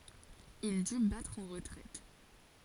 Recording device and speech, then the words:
forehead accelerometer, read sentence
Il dut battre en retraite.

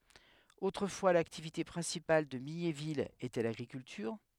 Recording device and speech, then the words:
headset microphone, read sentence
Autrefois l'activité principale de Mignéville était l'agriculture.

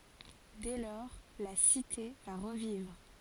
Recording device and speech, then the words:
forehead accelerometer, read sentence
Dès lors, la cité va revivre.

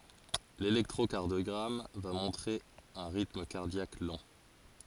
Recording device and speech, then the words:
forehead accelerometer, read sentence
L'électrocardiogramme va montrer un rythme cardiaque lent.

